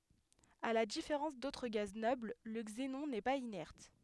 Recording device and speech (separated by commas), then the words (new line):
headset microphone, read sentence
À la différence d'autres gaz nobles, le xénon n'est pas inerte.